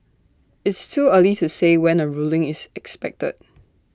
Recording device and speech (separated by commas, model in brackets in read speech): standing microphone (AKG C214), read sentence